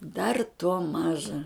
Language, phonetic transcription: Lithuanian, dar tuo ˈmaža

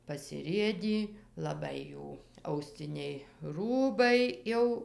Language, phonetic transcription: Lithuanian, pasiˈrėdį laˈbai ˈjų auˈsciniai ˈrūbai ˈjau

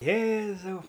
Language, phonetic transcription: Lithuanian, ˈjėzau

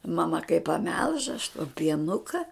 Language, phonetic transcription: Lithuanian, maˈma kai paˈmelž aš to pieˈnuka

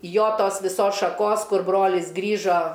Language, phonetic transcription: Lithuanian, ˈjo ˈtos viˈsos šaˈkos ˈkur ˈbrolis ˈgrįžo

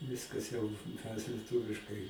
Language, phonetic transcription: Lithuanian, ˈviskas jau mes lieˈtuviškai

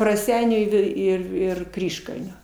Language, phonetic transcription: Lithuanian, raˈseinių i ˈvei ˈir ir ˈkryžkalnio

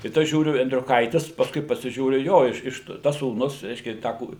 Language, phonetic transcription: Lithuanian, ˈtai ˈtas ˈžiūriu endriuˈkaitis pasˈkui pasiˈžiūriu ˈjo iš ˈiš tas sūˈnus ˈreiškia ˈtą ˈkūri

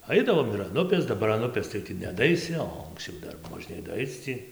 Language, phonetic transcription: Lithuanian, ˈaidavom ir an ˈupės daˈbar an ˈupės tai ˈtį nedaˈaisi o anksˈčiau ˈdar moˈžnėj daˈaic tį

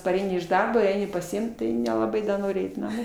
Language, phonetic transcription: Lithuanian, paˈreini iš ˈdarbo ˈeini pasiˈimt ˈtai nelaˈbai da ˈnori ˈeit naˈmo

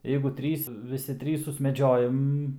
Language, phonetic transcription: Lithuanian, ˈjeigu ˈtrys viˈsi ˈtrys susmeˈdžiojam

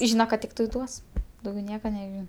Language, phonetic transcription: Lithuanian, ˈžyna kad ˈtiktai ˈduos dauˈgiau ˈnieka neˈžin

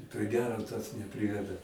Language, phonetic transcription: Lithuanian, pri ˈgero tas neˈpriveda

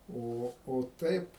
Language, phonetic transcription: Lithuanian, ˈo o ˈtaip

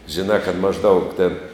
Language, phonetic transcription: Lithuanian, žiˈnā kad mažˈdaug tėn

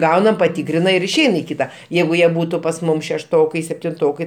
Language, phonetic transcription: Lithuanian, ˈgaunam paˈtykrina ir išˈein i ˈkyta ˈjeigu ˈjie ˈbūtu pas ˈmum šešˈtokai septinˈtokai

